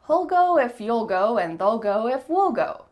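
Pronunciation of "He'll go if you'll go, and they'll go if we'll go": The sentence is said in the relaxed way: each contraction has an ul sound, and 'we'll' sounds like 'wool'.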